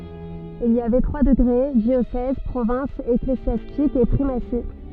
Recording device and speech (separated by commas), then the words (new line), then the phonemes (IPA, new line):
soft in-ear microphone, read sentence
Il y avait trois degrés, diocèse, province ecclésiastique et primatie.
il i avɛ tʁwa dəɡʁe djosɛz pʁovɛ̃s eklezjastik e pʁimasi